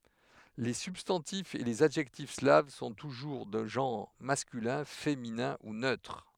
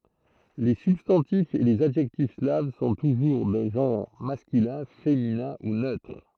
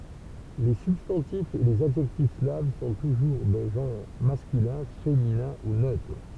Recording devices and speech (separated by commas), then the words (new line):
headset microphone, throat microphone, temple vibration pickup, read sentence
Les substantifs et les adjectifs slaves sont toujours de genre masculin, féminin ou neutre.